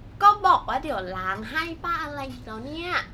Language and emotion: Thai, frustrated